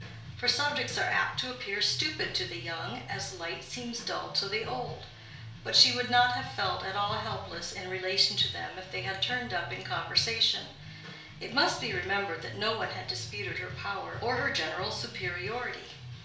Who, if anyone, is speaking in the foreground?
One person.